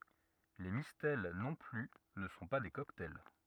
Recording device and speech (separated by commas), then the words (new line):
rigid in-ear microphone, read sentence
Les mistelles non plus ne sont pas des cocktails.